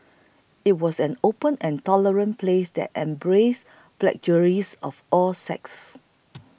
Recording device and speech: boundary microphone (BM630), read sentence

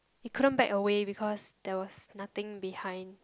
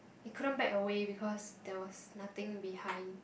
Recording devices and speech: close-talking microphone, boundary microphone, conversation in the same room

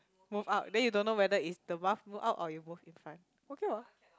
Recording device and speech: close-talking microphone, conversation in the same room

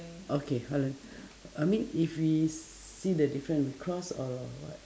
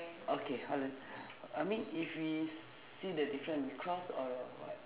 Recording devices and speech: standing microphone, telephone, conversation in separate rooms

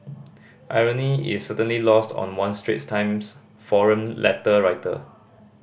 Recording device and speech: boundary microphone (BM630), read sentence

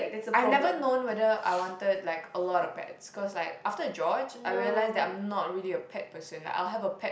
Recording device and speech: boundary microphone, conversation in the same room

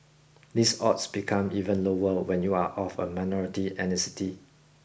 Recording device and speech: boundary microphone (BM630), read sentence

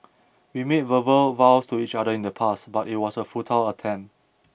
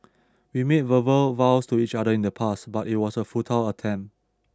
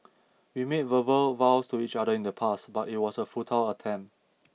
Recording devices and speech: boundary microphone (BM630), standing microphone (AKG C214), mobile phone (iPhone 6), read sentence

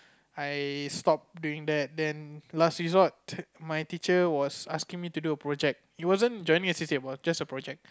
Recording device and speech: close-talking microphone, conversation in the same room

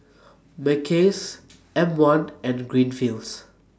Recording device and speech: standing microphone (AKG C214), read sentence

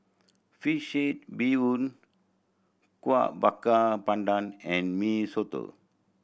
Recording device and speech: boundary microphone (BM630), read sentence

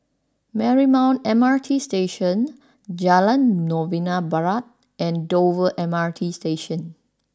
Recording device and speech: standing microphone (AKG C214), read sentence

